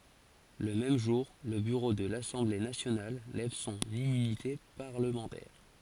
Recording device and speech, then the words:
forehead accelerometer, read sentence
Le même jour, le bureau de l'Assemblée nationale lève son immunité parlementaire.

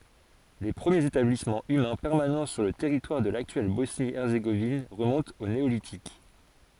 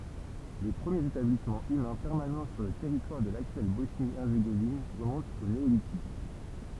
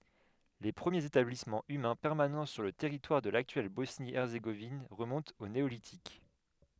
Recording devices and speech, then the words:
forehead accelerometer, temple vibration pickup, headset microphone, read sentence
Les premiers établissement humains permanent sur le territoire de l'actuelle Bosnie-Herzégovine remontent au Néolithique.

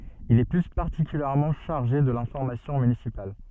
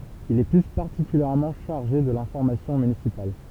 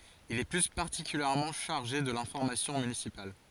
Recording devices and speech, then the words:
soft in-ear microphone, temple vibration pickup, forehead accelerometer, read sentence
Il est plus particulièrement chargé de l'information municipale.

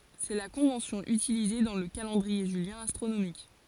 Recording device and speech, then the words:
forehead accelerometer, read sentence
C'est la convention utilisée dans le calendrier julien astronomique.

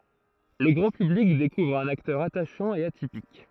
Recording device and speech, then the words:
throat microphone, read sentence
Le grand public découvre un acteur attachant et atypique.

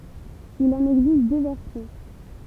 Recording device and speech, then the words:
temple vibration pickup, read sentence
Il en existe deux versions.

